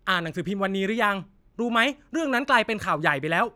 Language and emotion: Thai, frustrated